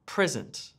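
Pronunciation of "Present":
'Present' is stressed on the first syllable, PRE-sent, as the noun.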